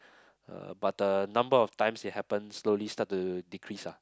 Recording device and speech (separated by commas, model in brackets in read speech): close-talking microphone, conversation in the same room